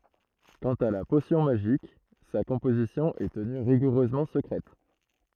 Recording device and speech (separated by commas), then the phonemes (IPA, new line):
throat microphone, read sentence
kɑ̃t a la posjɔ̃ maʒik sa kɔ̃pozisjɔ̃ ɛ təny ʁiɡuʁøzmɑ̃ səkʁɛt